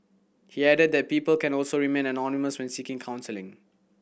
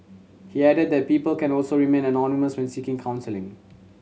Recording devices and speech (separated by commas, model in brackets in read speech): boundary microphone (BM630), mobile phone (Samsung C7100), read sentence